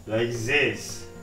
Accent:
french accent